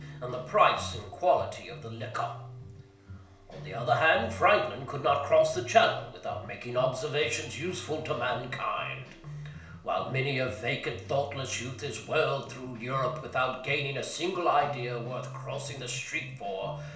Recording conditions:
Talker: one person; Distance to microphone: 1.0 m; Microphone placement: close; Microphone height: 1.1 m; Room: small (3.7 m by 2.7 m); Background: music

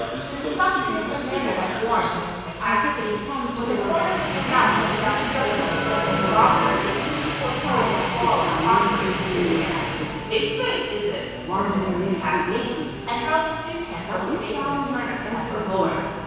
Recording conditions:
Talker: one person; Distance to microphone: 7.1 m; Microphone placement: far; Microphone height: 1.7 m; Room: very reverberant, large; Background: television

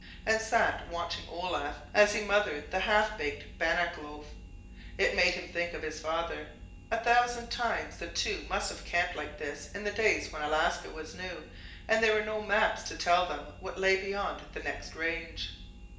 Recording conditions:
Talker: one person; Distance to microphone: 1.8 m; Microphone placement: close; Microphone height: 1.0 m; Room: large; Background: none

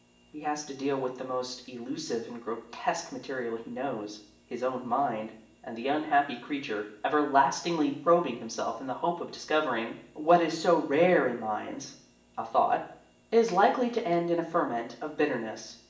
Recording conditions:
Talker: one person; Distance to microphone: 1.8 m; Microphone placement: close; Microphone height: 1.0 m; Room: large; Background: none

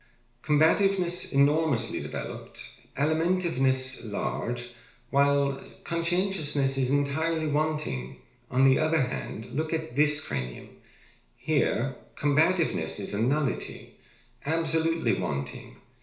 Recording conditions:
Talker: one person; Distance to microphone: 1.0 m; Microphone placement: close; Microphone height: 1.1 m; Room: small (3.7 m by 2.7 m); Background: none

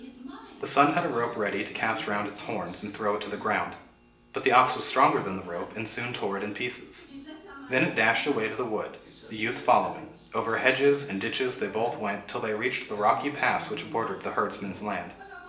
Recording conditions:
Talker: one person; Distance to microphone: 1.8 m; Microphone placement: close; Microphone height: 1.0 m; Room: large; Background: television

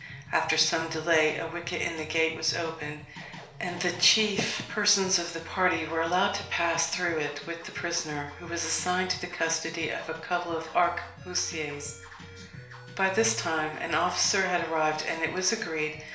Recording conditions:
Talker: one person; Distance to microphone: 1.0 m; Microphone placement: close; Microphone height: 1.1 m; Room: small (3.7 m by 2.7 m); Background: music

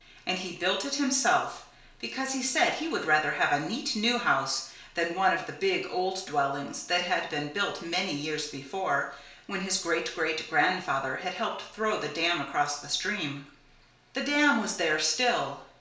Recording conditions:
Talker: one person; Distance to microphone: 1.0 m; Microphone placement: close; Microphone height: 1.1 m; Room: small (3.7 m by 2.7 m); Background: none

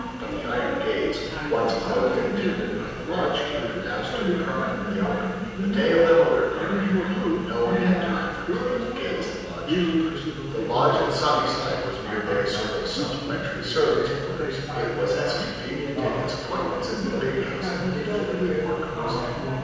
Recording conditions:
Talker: one person; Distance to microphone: 7.1 m; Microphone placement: far; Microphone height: 1.7 m; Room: very reverberant, large; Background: television

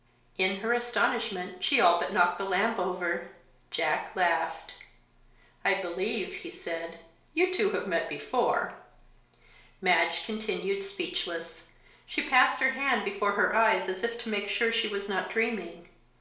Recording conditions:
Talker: one person; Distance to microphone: 1.0 m; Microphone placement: close; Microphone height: 1.1 m; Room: small (3.7 m by 2.7 m); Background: none

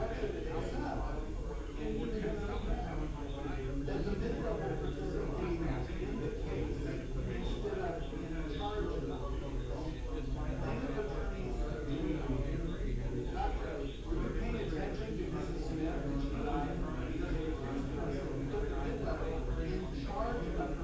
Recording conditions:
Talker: no one; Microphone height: 76 cm; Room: large; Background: babble

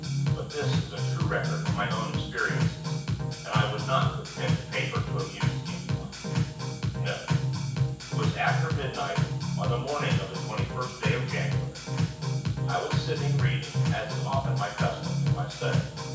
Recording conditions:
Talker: one person; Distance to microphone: 9.8 m; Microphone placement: far; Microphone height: 1.8 m; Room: large; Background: music

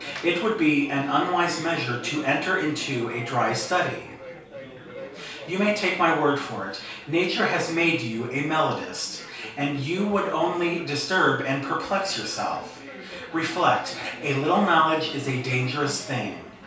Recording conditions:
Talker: one person; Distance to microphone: 3.0 m; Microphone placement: far; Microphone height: 1.8 m; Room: small (3.7 m by 2.7 m); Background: babble

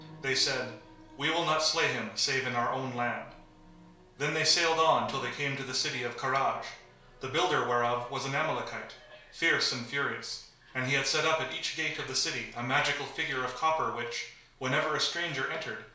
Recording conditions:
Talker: one person; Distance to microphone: 1.0 m; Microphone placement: close; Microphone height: 1.1 m; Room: small (3.7 m by 2.7 m); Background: television

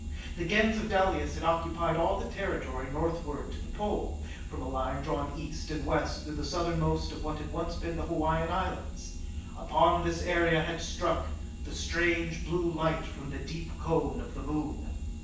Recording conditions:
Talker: one person; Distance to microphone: 9.8 m; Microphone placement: far; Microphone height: 1.8 m; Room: large; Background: none

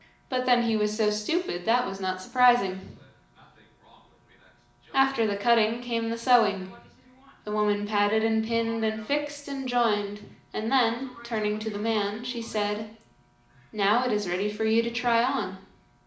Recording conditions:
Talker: one person; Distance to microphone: 2.0 m; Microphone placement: close; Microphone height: 99 cm; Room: medium-sized (5.7 m by 4.0 m); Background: television

